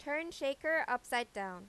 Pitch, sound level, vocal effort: 260 Hz, 93 dB SPL, loud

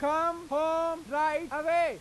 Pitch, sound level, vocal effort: 320 Hz, 102 dB SPL, very loud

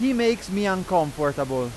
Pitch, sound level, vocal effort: 185 Hz, 97 dB SPL, very loud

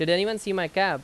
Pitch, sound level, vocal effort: 190 Hz, 92 dB SPL, very loud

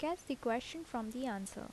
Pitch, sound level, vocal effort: 255 Hz, 75 dB SPL, soft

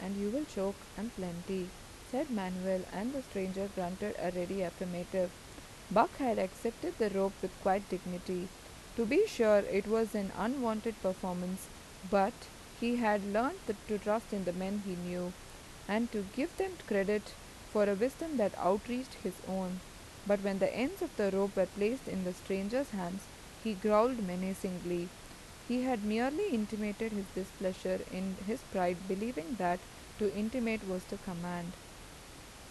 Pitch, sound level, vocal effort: 200 Hz, 83 dB SPL, normal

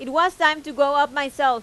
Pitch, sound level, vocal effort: 290 Hz, 98 dB SPL, very loud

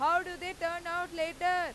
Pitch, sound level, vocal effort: 350 Hz, 103 dB SPL, very loud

